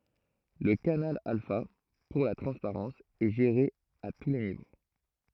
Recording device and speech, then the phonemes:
throat microphone, read sentence
lə kanal alfa puʁ la tʁɑ̃spaʁɑ̃s ɛ ʒeʁe a tu le nivo

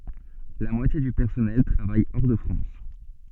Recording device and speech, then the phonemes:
soft in-ear microphone, read sentence
la mwatje dy pɛʁsɔnɛl tʁavaj ɔʁ də fʁɑ̃s

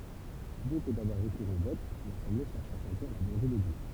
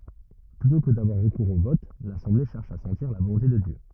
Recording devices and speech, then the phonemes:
temple vibration pickup, rigid in-ear microphone, read sentence
plytɔ̃ kə davwaʁ ʁəkuʁz o vɔt lasɑ̃ble ʃɛʁʃ a sɑ̃tiʁ la volɔ̃te də djø

